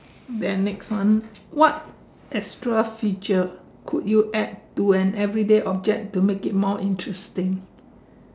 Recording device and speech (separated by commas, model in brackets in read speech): standing microphone, conversation in separate rooms